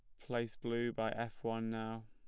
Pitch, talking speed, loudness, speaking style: 115 Hz, 190 wpm, -40 LUFS, plain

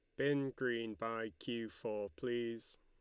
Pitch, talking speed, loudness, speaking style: 115 Hz, 140 wpm, -40 LUFS, Lombard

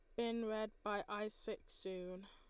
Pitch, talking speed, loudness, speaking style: 210 Hz, 175 wpm, -44 LUFS, Lombard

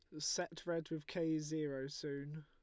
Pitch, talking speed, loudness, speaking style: 155 Hz, 160 wpm, -42 LUFS, Lombard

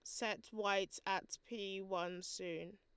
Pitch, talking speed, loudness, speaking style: 195 Hz, 140 wpm, -42 LUFS, Lombard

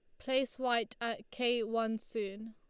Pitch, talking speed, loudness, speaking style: 230 Hz, 155 wpm, -35 LUFS, Lombard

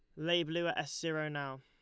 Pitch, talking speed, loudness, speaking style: 155 Hz, 255 wpm, -36 LUFS, Lombard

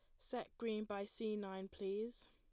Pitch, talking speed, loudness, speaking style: 210 Hz, 170 wpm, -45 LUFS, plain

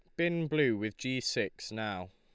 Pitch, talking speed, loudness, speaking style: 130 Hz, 185 wpm, -33 LUFS, Lombard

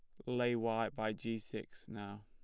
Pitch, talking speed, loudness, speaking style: 115 Hz, 185 wpm, -39 LUFS, plain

